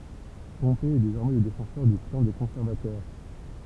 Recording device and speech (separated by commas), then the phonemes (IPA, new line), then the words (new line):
temple vibration pickup, read sentence
pɔ̃pe ɛ dezɔʁmɛ lə defɑ̃sœʁ dy klɑ̃ de kɔ̃sɛʁvatœʁ
Pompée est désormais le défenseur du clan des conservateurs.